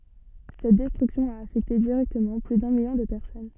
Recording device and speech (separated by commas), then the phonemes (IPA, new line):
soft in-ear microphone, read sentence
sɛt dɛstʁyksjɔ̃ a afɛkte diʁɛktəmɑ̃ ply dœ̃ miljɔ̃ də pɛʁsɔn